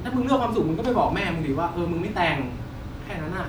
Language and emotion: Thai, frustrated